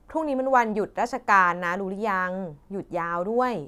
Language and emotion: Thai, frustrated